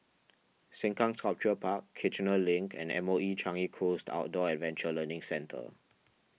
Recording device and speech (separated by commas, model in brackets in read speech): mobile phone (iPhone 6), read sentence